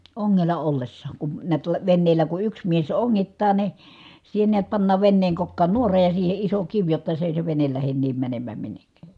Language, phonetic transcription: Finnish, oŋŋella ollessaaŋ kun , niät (-la) venneelä ku yks mies oŋŋittaa ni , siihe niät pannaav venneeŋ kokkaan nuora ja siihe iso kiv jotta se èi se venel lähen niim mänemmääm minnekkä̀ .
- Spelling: ongella ollessaan kun näet - veneellä kun yksi mies ongittaa niin siihen näet pannaan veneen kokkaan nuora ja siihen iso kivi jotta se ei se vene lähde niin menemään minnekään

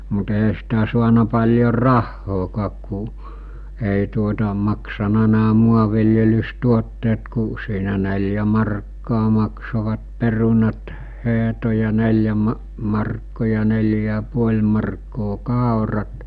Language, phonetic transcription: Finnish, mut eɦä sitä suana paĺjor "rahhookaak ku , èi tuota maksana nää 'muaviljelys'tuotteet ku , siinä 'nel̜jä markkaa mak-sovat 'perunat , 'heɦto ja 'nel̜jä ma- , markkò ja 'nel̜jä ja 'puoĺ markkoo "kàorat ,.
- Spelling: mutta eihän sitä saanut paljon rahaakaan kun ei tuota maksanut nämä maanviljelystuotteet kuin siinä neljä markkaa maksoivat perunat hehto ja neljä - markkaa ja neljä ja puoli markkaa kaurat

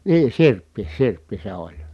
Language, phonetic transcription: Finnish, nii sirppi , sirppi se oĺ .
- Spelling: niin sirppi sirppi se oli

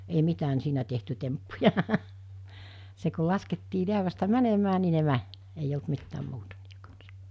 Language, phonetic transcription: Finnish, ei 'mit̳ään siinä tehty 'temppuja , se ko 'laskettii 'liävästä "mänemää ni ne 'män , eij ‿olt 'mittään 'muuta (niije kans) .
- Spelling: ei mitään siinä tehty temppuja se kun laskettiin läävästä menemään niin ne meni ei ollut mitään muuta niiden kanssa

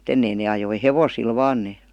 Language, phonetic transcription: Finnish, m̥'t ‿ennei nee ajoi "hevosil "vaan nee .
- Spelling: mutta ennen ne ajoi hevosilla vain ne

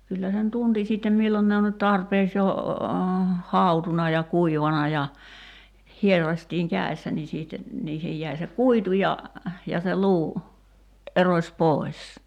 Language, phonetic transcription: Finnish, 'kyllä sen "tunti 'sittem 'millon ne on nyt "tarpeeks jo , "hàutuna ja "kuivana ja , 'hierraśtiiŋ "kä̀ḙssä ni 'siitte , 'niihej jäi se "kuitu ja , ja se 'luu , '’eroś "pòi̬s .
- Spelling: kyllä sen tunsi sitten milloin ne on nyt tarpeeksi jo hautunut ja kuivanut ja hieraistiin kädessä niin sitten niihin jäi se kuitu ja ja se luu erosi pois

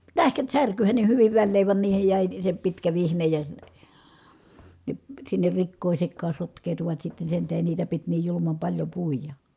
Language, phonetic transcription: Finnish, tähkät särkyhän ne hyviv välleev van niihej jä̀i se pitkä vihnej ja , ne , sinner rikkòi sekkaa sotk̀eetuvat sitte sen tähen niitä pit niij julumam paĺjo pùija .
- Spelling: tähkät särkyhän ne hyvin väleen vaan niihin jäi se pitkä vihne ja ne sinne rikkoi sekaan sotkeutuvat sitten sen tähden niitä piti niin julman paljon puida

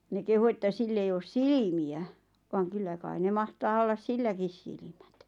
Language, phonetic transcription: Finnish, 'ne kehu että 'sill ‿ei oos "silimiä , vaaŋ 'kyllä kai ne 'mahtaa ollas "silläkis 'silⁱᴍᴀ̈t .
- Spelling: ne kehui että sillä ei ole silmiä vaan kyllä kai ne mahtaa olla silläkin silmät

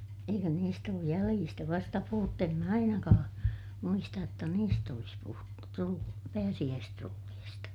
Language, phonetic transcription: Finnish, eikö niist ‿ooj jäliistä vasta puhuttu - em mä ainakaa , muistaj jotta niist ‿olis puhuttu trul- , pääsiʲäästrulliista .
- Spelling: eikö niistä ole jäljistä vasta puhuttu en minä ainakaan muista jotta niistä olisi puhuttu - pääsiäistrulleista

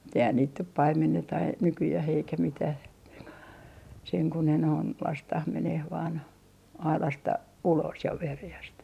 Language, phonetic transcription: Finnish, mut ‿eihän niit nyt "paimenneta ai- , 'nykyjäh eikä 'mitäh ko , seŋ ku ne noin , 'lastah 'meneh vaan , "ailasta 'ulos ja 'verᵉjäst .
- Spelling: mutta eihän niitä nyt paimenneta - nykyään eikä mitään kun sen kuin ne noin lasketaan menemään vain aidasta ulos ja veräjästä

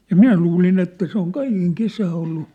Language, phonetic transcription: Finnish, ja "minä luulin ‿että se ‿oŋ "kaikeŋ "kesää ollu ,.
- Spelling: ja minä luulin että se on kaiken kesää ollut

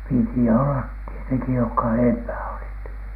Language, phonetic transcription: Finnish, 'piti ollat tieteŋki jokka "eempää olit .
- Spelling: piti olla tietenkin jotka edempää olivat

